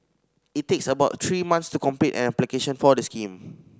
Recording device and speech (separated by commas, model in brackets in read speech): standing microphone (AKG C214), read sentence